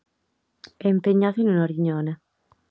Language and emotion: Italian, neutral